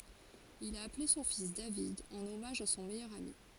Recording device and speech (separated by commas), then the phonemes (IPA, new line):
forehead accelerometer, read sentence
il a aple sɔ̃ fis david ɑ̃n ɔmaʒ a sɔ̃ mɛjœʁ ami